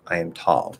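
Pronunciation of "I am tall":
In 'I am tall', 'am' is not contracted and not stressed; the stress falls on 'tall'.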